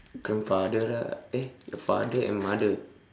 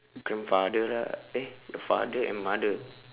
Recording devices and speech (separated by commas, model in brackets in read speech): standing microphone, telephone, conversation in separate rooms